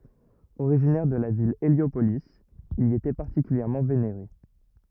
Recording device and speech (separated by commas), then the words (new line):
rigid in-ear microphone, read sentence
Originaire de la ville Héliopolis, il y était particulièrement vénéré.